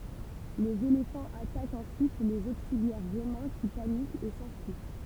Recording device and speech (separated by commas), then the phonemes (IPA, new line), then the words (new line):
temple vibration pickup, read sentence
lez elefɑ̃z atakt ɑ̃syit lez oksiljɛʁ ʁomɛ̃ ki panikt e sɑ̃fyi
Les éléphants attaquent ensuite les auxiliaires romains qui paniquent et s'enfuient.